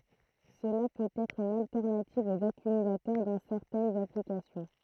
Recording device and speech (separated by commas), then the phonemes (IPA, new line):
throat microphone, read sentence
səla pøt ɛtʁ yn altɛʁnativ oz akymylatœʁ dɑ̃ sɛʁtɛnz aplikasjɔ̃